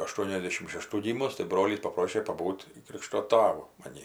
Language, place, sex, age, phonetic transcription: Lithuanian, Aukštaitija, female, 60+, aˈštuoniasˌdėšim šeˈštų ˈgymus tai ˈbrolys paˈprošė paˈbūt' ˈkrykšto ˈtavu maˈnį

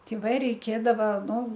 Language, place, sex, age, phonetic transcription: Lithuanian, Aukštaitija, female, 60+, ˈti va reiˈkėdava nu

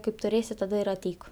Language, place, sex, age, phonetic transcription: Lithuanian, Aukštaitija, female, 18-60, kaip tuˈrėsi taˈda ir aˈteik

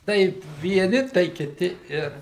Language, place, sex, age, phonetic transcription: Lithuanian, Suvalkija, male, 60+, ˈtai vieˈni tai kiˈti ˈir

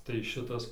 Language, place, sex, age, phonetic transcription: Lithuanian, Dzūkija, male, 18-60, tai ˈšitas

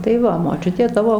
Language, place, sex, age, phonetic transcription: Lithuanian, Dzūkija, female, 60+, tai ˈva moˈčiutė ˈtavo

